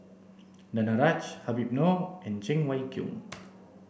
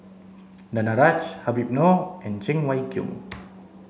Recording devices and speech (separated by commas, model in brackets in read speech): boundary microphone (BM630), mobile phone (Samsung C7), read sentence